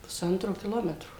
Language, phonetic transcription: Lithuanian, puˈsantro kiˈlometro

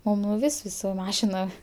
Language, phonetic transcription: Lithuanian, maˈnau ˈvis' ˈvis' su ˈmašinom

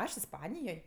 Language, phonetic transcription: Lithuanian, ˈaš isˈpanijoj

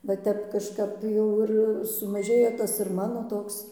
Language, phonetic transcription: Lithuanian, va ˈtep kažˈkap ˈjau ir sumaˈžėja ˈtas ir ˈmano ˈtoks

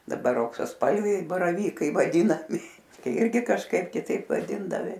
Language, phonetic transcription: Lithuanian, daˈbar auksasˈpalviai baraˈvykai vaˈdynami ˈirgi kažˈkaip kiˈtaip vaˈdindavi

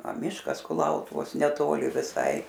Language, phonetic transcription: Lithuanian, a ˈmiškas kuˈlautuvos neˈtoli viˈsai

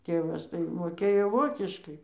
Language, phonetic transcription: Lithuanian, ˈtėvas tai moˈkėjo ˈvokiškai

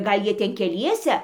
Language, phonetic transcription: Lithuanian, ˈgal ˈjie ˈten keˈliese

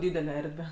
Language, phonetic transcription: Lithuanian, ˈdydele ˈerdve

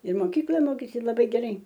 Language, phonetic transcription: Lithuanian, ir moˈkykla ˈmokėsi laˈbai geˈrai

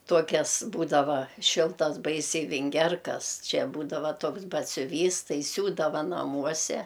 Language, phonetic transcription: Lithuanian, ˈtuokiasˈbūdava ˈšiltas ˈbaisiai vinˈgerkas ˈčia ˈbūdava ˈtuoks batsiuˈvys ˈtai ˈsiūdava naˈmuose

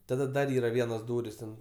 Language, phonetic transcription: Lithuanian, taˈda ˈdar ˈyra ˈvienos ˈdūris ten

